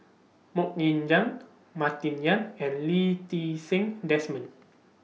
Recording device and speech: mobile phone (iPhone 6), read sentence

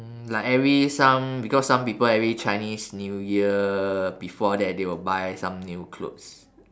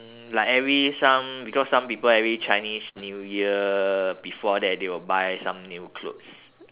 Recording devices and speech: standing microphone, telephone, conversation in separate rooms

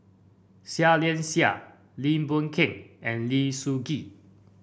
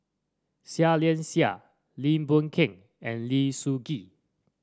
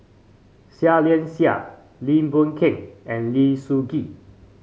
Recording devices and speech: boundary microphone (BM630), standing microphone (AKG C214), mobile phone (Samsung C5), read sentence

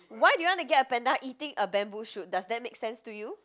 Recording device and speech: close-talking microphone, conversation in the same room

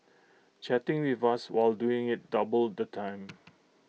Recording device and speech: mobile phone (iPhone 6), read sentence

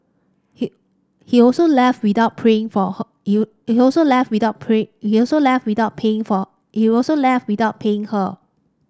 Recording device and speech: standing microphone (AKG C214), read sentence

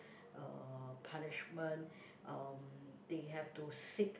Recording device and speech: boundary microphone, conversation in the same room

